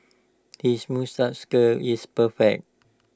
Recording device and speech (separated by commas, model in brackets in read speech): standing microphone (AKG C214), read sentence